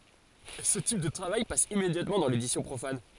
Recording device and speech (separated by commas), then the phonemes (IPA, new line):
forehead accelerometer, read sentence
sə tip də tʁavaj pas immedjatmɑ̃ dɑ̃ ledisjɔ̃ pʁofan